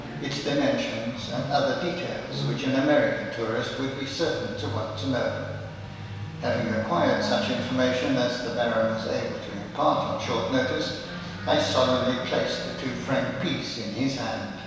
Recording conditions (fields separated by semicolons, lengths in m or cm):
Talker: one person; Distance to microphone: 1.7 m; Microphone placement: close; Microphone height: 1.0 m; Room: very reverberant, large; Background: television